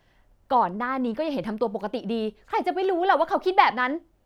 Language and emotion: Thai, frustrated